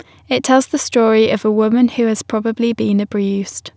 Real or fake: real